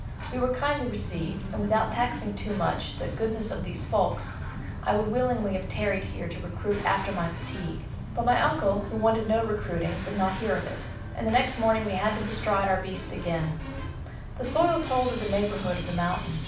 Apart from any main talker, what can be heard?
A television.